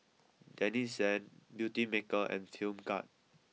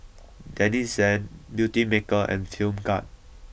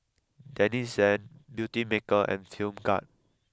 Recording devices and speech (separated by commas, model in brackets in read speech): mobile phone (iPhone 6), boundary microphone (BM630), close-talking microphone (WH20), read sentence